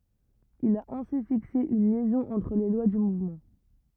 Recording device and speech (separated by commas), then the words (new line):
rigid in-ear microphone, read sentence
Il a ainsi fixé une liaison entre les lois du mouvement.